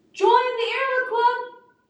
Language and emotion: English, sad